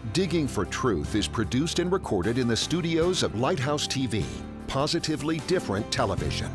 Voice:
Strong Voice